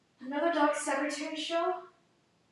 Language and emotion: English, fearful